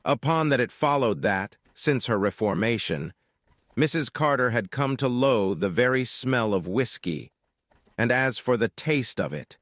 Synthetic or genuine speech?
synthetic